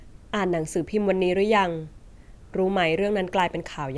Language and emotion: Thai, neutral